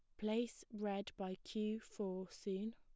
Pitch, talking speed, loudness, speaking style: 210 Hz, 140 wpm, -44 LUFS, plain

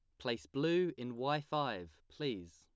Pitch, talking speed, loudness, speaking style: 120 Hz, 155 wpm, -38 LUFS, plain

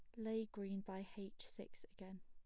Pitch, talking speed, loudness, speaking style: 195 Hz, 175 wpm, -49 LUFS, plain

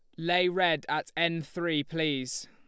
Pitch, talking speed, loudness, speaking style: 170 Hz, 160 wpm, -29 LUFS, Lombard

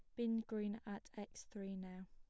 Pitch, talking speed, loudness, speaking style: 205 Hz, 190 wpm, -46 LUFS, plain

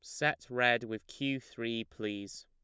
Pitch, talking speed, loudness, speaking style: 115 Hz, 160 wpm, -34 LUFS, plain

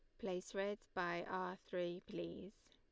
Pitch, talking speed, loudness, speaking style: 185 Hz, 145 wpm, -45 LUFS, Lombard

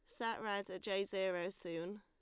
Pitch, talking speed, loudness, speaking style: 195 Hz, 200 wpm, -41 LUFS, Lombard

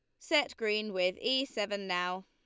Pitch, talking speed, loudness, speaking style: 210 Hz, 175 wpm, -32 LUFS, Lombard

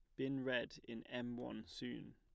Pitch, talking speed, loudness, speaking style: 120 Hz, 185 wpm, -45 LUFS, plain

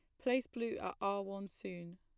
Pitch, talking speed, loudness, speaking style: 200 Hz, 205 wpm, -40 LUFS, plain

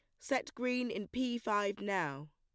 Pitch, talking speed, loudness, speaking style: 205 Hz, 170 wpm, -36 LUFS, plain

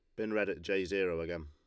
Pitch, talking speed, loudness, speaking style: 85 Hz, 285 wpm, -35 LUFS, Lombard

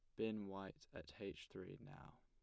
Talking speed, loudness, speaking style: 180 wpm, -51 LUFS, plain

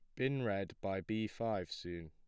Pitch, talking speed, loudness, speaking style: 100 Hz, 190 wpm, -39 LUFS, plain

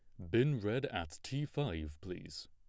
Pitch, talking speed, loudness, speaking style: 100 Hz, 165 wpm, -38 LUFS, plain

